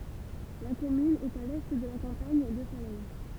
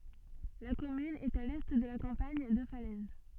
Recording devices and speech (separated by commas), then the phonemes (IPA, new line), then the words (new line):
temple vibration pickup, soft in-ear microphone, read sentence
la kɔmyn ɛt a lɛ də la kɑ̃paɲ də falɛz
La commune est à l'est de la campagne de Falaise.